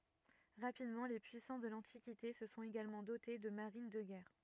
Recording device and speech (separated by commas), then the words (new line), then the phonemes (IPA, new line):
rigid in-ear microphone, read sentence
Rapidement, les puissances de l'Antiquité se sont également dotées de marines de guerre.
ʁapidmɑ̃ le pyisɑ̃s də lɑ̃tikite sə sɔ̃t eɡalmɑ̃ dote də maʁin də ɡɛʁ